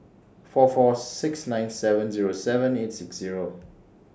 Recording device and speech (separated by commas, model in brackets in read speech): standing microphone (AKG C214), read sentence